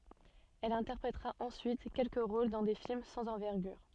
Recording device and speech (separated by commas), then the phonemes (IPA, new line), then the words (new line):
soft in-ear microphone, read sentence
ɛl ɛ̃tɛʁpʁetʁa ɑ̃syit kɛlkə ʁol dɑ̃ de film sɑ̃z ɑ̃vɛʁɡyʁ
Elle interprétera ensuite quelques rôles dans des films sans envergure.